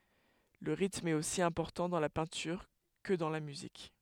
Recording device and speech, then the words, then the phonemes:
headset microphone, read sentence
Le rythme est aussi important dans la peinture que dans la musique.
lə ʁitm ɛt osi ɛ̃pɔʁtɑ̃ dɑ̃ la pɛ̃tyʁ kə dɑ̃ la myzik

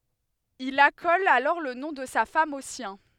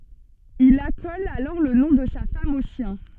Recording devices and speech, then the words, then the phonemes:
headset microphone, soft in-ear microphone, read sentence
Il accole alors le nom de sa femme au sien.
il akɔl alɔʁ lə nɔ̃ də sa fam o sjɛ̃

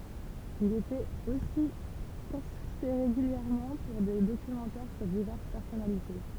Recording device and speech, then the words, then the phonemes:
temple vibration pickup, read sentence
Il était aussi consulté régulièrement pour des documentaires sur diverses personnalités.
il etɛt osi kɔ̃sylte ʁeɡyljɛʁmɑ̃ puʁ de dokymɑ̃tɛʁ syʁ divɛʁs pɛʁsɔnalite

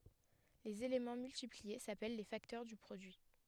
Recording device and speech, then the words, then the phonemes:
headset microphone, read sentence
Les éléments multipliés s’appellent les facteurs du produit.
lez elemɑ̃ myltiplie sapɛl le faktœʁ dy pʁodyi

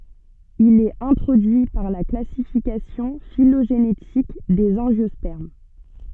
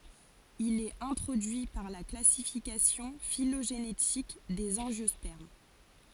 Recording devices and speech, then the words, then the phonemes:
soft in-ear microphone, forehead accelerometer, read sentence
Il est introduit par la classification phylogénétique des angiospermes.
il ɛt ɛ̃tʁodyi paʁ la klasifikasjɔ̃ filoʒenetik dez ɑ̃ʒjɔspɛʁm

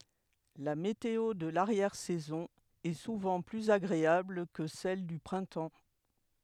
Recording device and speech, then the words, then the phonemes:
headset microphone, read sentence
La météo de l'arrière saison est souvent plus agréable que celle du printemps.
la meteo də laʁjɛʁ sɛzɔ̃ ɛ suvɑ̃ plyz aɡʁeabl kə sɛl dy pʁɛ̃tɑ̃

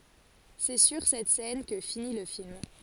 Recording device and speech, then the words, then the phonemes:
forehead accelerometer, read sentence
C'est sur cette scène que finit le film.
sɛ syʁ sɛt sɛn kə fini lə film

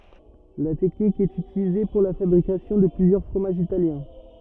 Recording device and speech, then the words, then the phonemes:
rigid in-ear microphone, read sentence
La technique est utilisée pour la fabrication de plusieurs fromages italiens.
la tɛknik ɛt ytilize puʁ la fabʁikasjɔ̃ də plyzjœʁ fʁomaʒz italjɛ̃

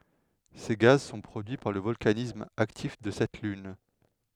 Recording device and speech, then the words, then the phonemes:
headset microphone, read sentence
Ces gaz sont produits par le volcanisme actif de cette lune.
se ɡaz sɔ̃ pʁodyi paʁ lə vɔlkanism aktif də sɛt lyn

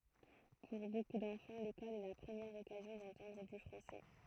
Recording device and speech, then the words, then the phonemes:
throat microphone, read sentence
Pour beaucoup d'enfants, l'école est la première occasion d'entendre du français.
puʁ boku dɑ̃fɑ̃ lekɔl ɛ la pʁəmjɛʁ ɔkazjɔ̃ dɑ̃tɑ̃dʁ dy fʁɑ̃sɛ

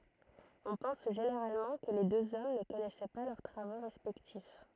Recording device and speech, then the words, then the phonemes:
throat microphone, read sentence
On pense généralement que les deux hommes ne connaissaient pas leurs travaux respectifs.
ɔ̃ pɑ̃s ʒeneʁalmɑ̃ kə le døz ɔm nə kɔnɛsɛ pa lœʁ tʁavo ʁɛspɛktif

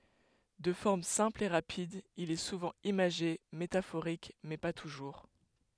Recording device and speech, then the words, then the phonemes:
headset microphone, read sentence
De forme simple et rapide, il est souvent imagé, métaphorique, mais pas toujours.
də fɔʁm sɛ̃pl e ʁapid il ɛ suvɑ̃ imaʒe metafoʁik mɛ pa tuʒuʁ

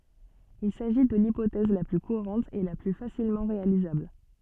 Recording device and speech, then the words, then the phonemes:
soft in-ear microphone, read sentence
Il s'agit de l'hypothèse la plus courante et la plus facilement réalisable.
il saʒi də lipotɛz la ply kuʁɑ̃t e la ply fasilmɑ̃ ʁealizabl

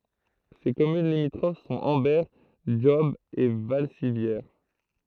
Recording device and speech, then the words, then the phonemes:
throat microphone, read sentence
Ses communes limitrophes sont Ambert, Job et Valcivières.
se kɔmyn limitʁof sɔ̃t ɑ̃bɛʁ dʒɔb e valsivjɛʁ

